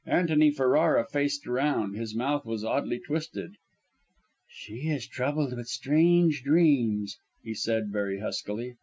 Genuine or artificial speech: genuine